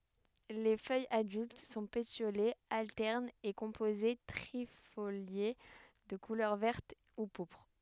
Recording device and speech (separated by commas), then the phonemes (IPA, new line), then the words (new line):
headset microphone, read sentence
le fœjz adylt sɔ̃ petjolez altɛʁnz e kɔ̃poze tʁifolje də kulœʁ vɛʁt u puʁpʁ
Les feuilles adultes sont pétiolées, alternes et composées trifoliées, de couleur verte ou pourpre.